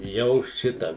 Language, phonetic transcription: Lithuanian, ˈjau ˈšitą

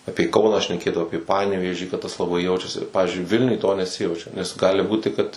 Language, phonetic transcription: Lithuanian, ˈapėˈkauną šneˈkėdavo ˈapė ˈpanevėžį kad tas laˈbai ˈjaučiasi ˈpavizdžiui ˈvilniuj to neˈsijaučia nes ˈgali ˈbūti kad

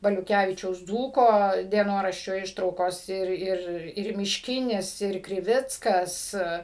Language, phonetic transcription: Lithuanian, baliuˈkævičiaus ˈdzūko dieˈnoraščio ˈištraukos ˈir ˈir ir mišˈkinis ir kriˈvickas

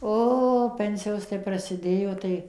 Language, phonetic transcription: Lithuanian, ˈo ˈpensijos tai prasiˈdėjo ˈtai

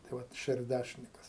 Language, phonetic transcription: Lithuanian, tai ˈvat šerˈdæšinikas

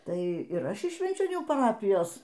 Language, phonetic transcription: Lithuanian, ˈtai ir ˈaš iš švenčioˈnių paˈrapijos

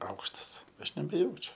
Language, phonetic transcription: Lithuanian, ˈaukštas ˈaš nebeˈjaučiu

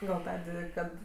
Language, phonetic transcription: Lithuanian, gal ˈtadė ˈkad

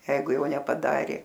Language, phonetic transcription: Lithuanian, ˈjeigu ˈjau nepaˈdarė

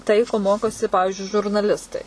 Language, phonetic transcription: Lithuanian, ˈtai ko ˈmokosi ˈpavižiui žurnaˈlistai

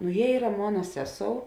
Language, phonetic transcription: Lithuanian, nu ˈjie ˈyra ˈmona ˈseˌsou

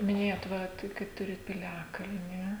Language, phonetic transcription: Lithuanian, miˈnėjot ˈva ˈtai kad ˈturit piˈliakalni

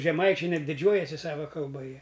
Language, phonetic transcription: Lithuanian, žeˈmaičiai ˈnet diˈdžiuojasi ˈsava kalˈba ˈjie

